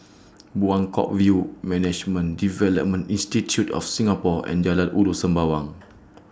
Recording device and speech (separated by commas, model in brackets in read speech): standing microphone (AKG C214), read sentence